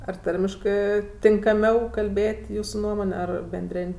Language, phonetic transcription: Lithuanian, ar ˈtarmiškɜ tinkaˈmiau kalˈbėt' ˈjūsu ˈnuomon' ˈar benˈdrėn'

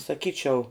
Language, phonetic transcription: Lithuanian, saˈkyčiau

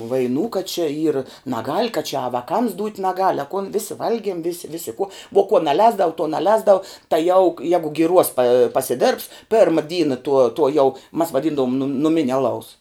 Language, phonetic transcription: Lithuanian, vaiˈnų kad čia yr naˈgal' ka čia a vaˈkams dūt' naˈgal' a kun ˈvisi ˈvalgiem vis ˈvisi ku vo kuo naˈlēsdavu tuo naˈlēsdavu tai jau jegu giˈruos pa pasiˈdėrbs ˈperma ˈdyna tuo tuo jau mas vaˈdyndavum nu nuˈminia aˈlaus

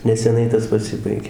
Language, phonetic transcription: Lithuanian, neseˈnai ˈtas paˈsibaigė

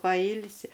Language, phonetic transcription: Lithuanian, paˈylsi

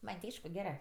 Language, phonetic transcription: Lithuanian, ˈman' ti ˈaišku ˈgerɜ

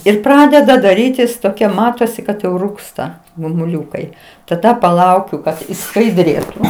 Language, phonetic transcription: Lithuanian, ir ˈpradeda daˈrytis toˈkia ˈmatosi kad jau ˈrūgsta gumuˈliukai taˈda paˈlaukiu kad išskaiˈdrėtu

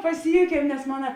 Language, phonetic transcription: Lithuanian, paˈsijūkiem nes ˈmona

